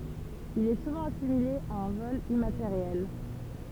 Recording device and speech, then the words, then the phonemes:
temple vibration pickup, read sentence
Il est souvent assimilé à un vol immatériel.
il ɛ suvɑ̃ asimile a œ̃ vɔl immateʁjɛl

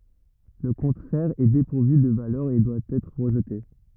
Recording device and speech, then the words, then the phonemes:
rigid in-ear microphone, read sentence
Le contraire est dépourvu de valeur et doit être rejeté.
lə kɔ̃tʁɛʁ ɛ depuʁvy də valœʁ e dwa ɛtʁ ʁəʒte

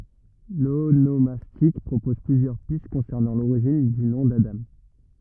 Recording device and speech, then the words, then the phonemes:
rigid in-ear microphone, read sentence
L'onomastique propose plusieurs pistes concernant l'origine du nom d'Adam.
lonomastik pʁopɔz plyzjœʁ pist kɔ̃sɛʁnɑ̃ loʁiʒin dy nɔ̃ dadɑ̃

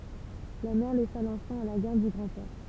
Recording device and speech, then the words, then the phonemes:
temple vibration pickup, read sentence
La mère laissa l'enfant à la garde du grand-père.
la mɛʁ lɛsa lɑ̃fɑ̃ a la ɡaʁd dy ɡʁɑ̃dpɛʁ

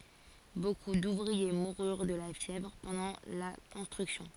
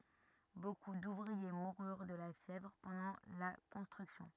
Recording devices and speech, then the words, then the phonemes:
forehead accelerometer, rigid in-ear microphone, read sentence
Beaucoup d'ouvriers moururent de la fièvre pendant la construction.
boku duvʁie muʁyʁ də la fjɛvʁ pɑ̃dɑ̃ la kɔ̃stʁyksjɔ̃

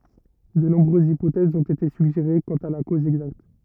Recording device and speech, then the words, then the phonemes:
rigid in-ear microphone, read sentence
De nombreuses hypothèses ont été suggérées quant à la cause exacte.
də nɔ̃bʁøzz ipotɛzz ɔ̃t ete syɡʒeʁe kɑ̃t a la koz ɛɡzakt

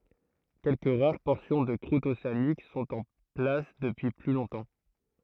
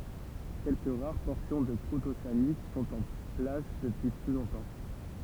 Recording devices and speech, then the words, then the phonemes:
throat microphone, temple vibration pickup, read sentence
Quelques rares portions de croûte océanique sont en place depuis plus longtemps.
kɛlkə ʁaʁ pɔʁsjɔ̃ də kʁut oseanik sɔ̃t ɑ̃ plas dəpyi ply lɔ̃tɑ̃

